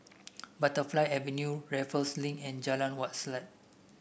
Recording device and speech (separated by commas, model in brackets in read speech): boundary microphone (BM630), read sentence